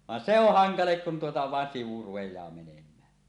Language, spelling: Finnish, vaan se on hankala kun tuota vain sivu rupeaa menemään
- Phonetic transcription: van se ‿oh "haŋalek kun tuota vàen 'sivu rupej̀aa 'menem̀ää .

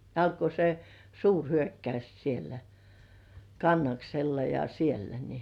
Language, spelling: Finnish, alkoi se suurhyökkays siellä Kannaksella ja siellä niin
- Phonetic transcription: alko se "suurhyökkays sielä , 'Kannaksella ja siellä ni ,.

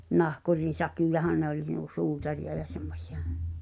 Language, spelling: Finnish, nahkurin sakkiahan ne oli nuo suutareita ja semmoisia
- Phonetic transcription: 'nahkurin̬ 'sakijahan nᵉ ‿oĺ nuo 'suutariʲa ja semmośɪ₍ᴀ .

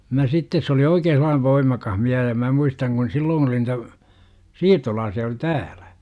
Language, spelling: Finnish, minä sitten se oli oikein sellainen voimakas mies ja minä muistan kun silloin oli niitä siirtolaisia oli täällä
- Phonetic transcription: mä 'sittes se oli "oikee sel̆laan 'voimakah 'miäh ja 'mä muistaŋ kun 'silloon oli nitä , "siirtolaasi₍a oli "tääLÄ .

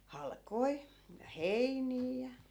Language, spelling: Finnish, halkoja ja heiniä ja
- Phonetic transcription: 'hal'koi , ja 'heinii ja ,.

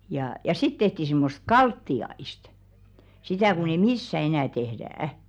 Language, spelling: Finnish, ja ja sitten tehtiin semmoista kaltiaista sitä kun ei missään enää tehdä
- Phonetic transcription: jà ja 'sit tehti simmosᵗ "kaltti₍aist , 'sitä̀ kun ‿ei "missä enä̀ 'tehðä̀₍ä .

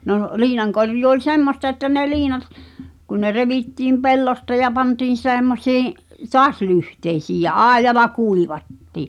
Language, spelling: Finnish, no liinankorjuu oli semmoista että ne liinat kun ne revittiin pellosta ja pantiin semmoisiin taas lyhteisiin ja aidalla kuivattiin
- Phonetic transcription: nò , 'liinaŋkorjuu oĺ "semmosta että ne 'liinat , kun ne 'revittiim "pellosta ja 'pantiin̬ 'se̳e̳mmosii’ , "toas 'lyhteisiij ja "’ài̬j̆jala "kuivattì .

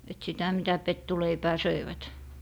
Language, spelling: Finnish, että sitä mitä pettuleipää söivät
- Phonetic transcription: et sitä mitä "pettuleipää "söivät .

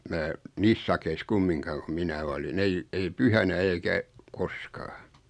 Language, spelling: Finnish, minä niissä sakeissa kumminkaan kun minä olin ei ei pyhänä eikä koskaan
- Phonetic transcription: mää , 'niis sakeis 'kummiŋkaaⁿ ku "minä olin 'ei , 'ei "pyhänä 'eikä , "koskaa .

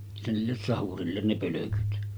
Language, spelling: Finnish, se niille sahurille ne pölkyt
- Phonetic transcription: se niilles "sahurillen ne 'pölökyt .

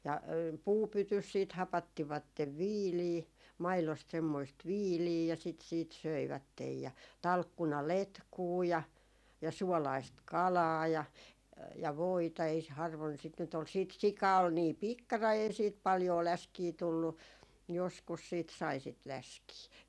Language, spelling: Finnish, ja puupytyssä sitten hapattivat viiliä maidosta semmoista viiliä ja sitä sitten söivät ja talkkunaletkua ja ja suolaista kalaa ja ja voita ei - harvoin sitä nyt oli sitten sika oli niin pikkarainen ei siitä paljoa läskiä tullut joskus siitä sai sitä läskiä
- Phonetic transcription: ja "puupytys siit 'hapattivattev "viilii , 'mailost semmoist "viilii ja sit siit "söivättej ja , 'talkkuna"letkuu ja , ja 'suɔlaist "kalaa ja , ja 'voita ei s- 'harvoin sit nyt ‿ol siit 'sika ol nii "pikkarai ei 'siit 'paljoo "läskii 'tullu , joskus siit sai 'sit "läskii .

